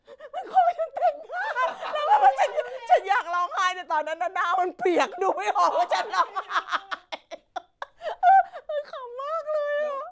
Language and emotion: Thai, happy